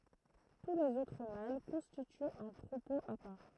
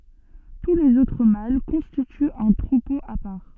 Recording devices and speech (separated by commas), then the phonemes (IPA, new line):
throat microphone, soft in-ear microphone, read sentence
tu lez otʁ mal kɔ̃stityt œ̃ tʁupo a paʁ